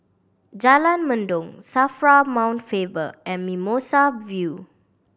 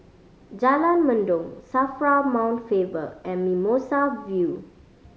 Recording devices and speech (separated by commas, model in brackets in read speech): boundary microphone (BM630), mobile phone (Samsung C5010), read sentence